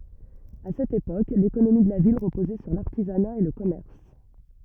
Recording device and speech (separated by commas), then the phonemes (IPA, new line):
rigid in-ear microphone, read sentence
a sɛt epok lekonomi də la vil ʁəpozɛ syʁ laʁtizana e lə kɔmɛʁs